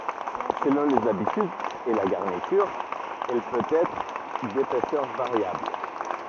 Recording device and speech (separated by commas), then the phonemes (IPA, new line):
rigid in-ear microphone, read sentence
səlɔ̃ lez abitydz e la ɡaʁnityʁ ɛl pøt ɛtʁ depɛsœʁ vaʁjabl